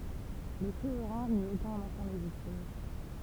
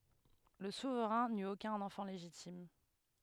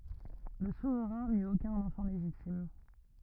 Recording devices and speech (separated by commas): temple vibration pickup, headset microphone, rigid in-ear microphone, read sentence